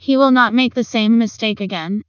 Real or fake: fake